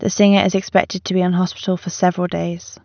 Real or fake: real